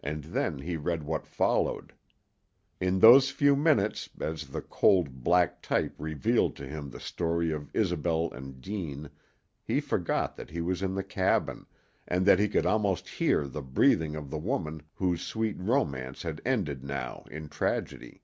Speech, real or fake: real